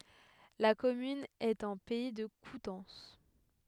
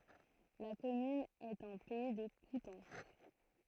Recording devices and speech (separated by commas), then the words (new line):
headset microphone, throat microphone, read sentence
La commune est en Pays de Coutances.